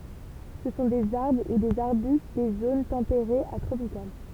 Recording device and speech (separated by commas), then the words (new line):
temple vibration pickup, read sentence
Ce sont des arbres ou des arbustes des zones tempérées à tropicales.